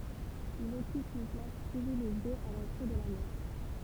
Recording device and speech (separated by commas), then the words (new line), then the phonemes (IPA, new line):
temple vibration pickup, read sentence
Il occupe une place privilégiée à l'entrée de la Manche.
il ɔkyp yn plas pʁivileʒje a lɑ̃tʁe də la mɑ̃ʃ